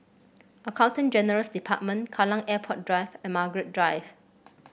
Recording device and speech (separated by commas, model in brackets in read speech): boundary microphone (BM630), read sentence